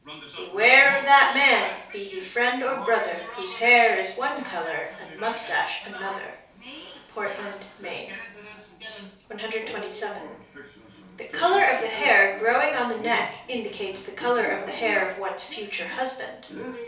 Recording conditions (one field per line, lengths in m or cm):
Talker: one person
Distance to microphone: 3.0 m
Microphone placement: far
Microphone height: 1.8 m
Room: small (3.7 m by 2.7 m)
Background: television